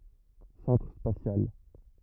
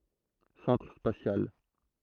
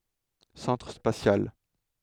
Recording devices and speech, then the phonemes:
rigid in-ear microphone, throat microphone, headset microphone, read sentence
sɑ̃tʁ spasjal

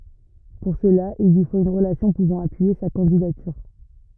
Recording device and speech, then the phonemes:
rigid in-ear microphone, read sentence
puʁ səla il lyi fot yn ʁəlasjɔ̃ puvɑ̃ apyije sa kɑ̃didatyʁ

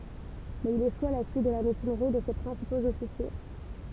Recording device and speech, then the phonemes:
temple vibration pickup, read sentence
mɛz il eʃu a la syit də la mytinʁi də se pʁɛ̃sipoz ɔfisje

